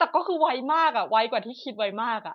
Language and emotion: Thai, happy